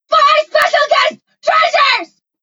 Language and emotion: English, angry